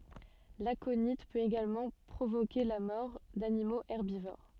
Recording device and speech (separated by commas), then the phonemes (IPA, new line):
soft in-ear microphone, read sentence
lakoni pøt eɡalmɑ̃ pʁovoke la mɔʁ danimoz ɛʁbivoʁ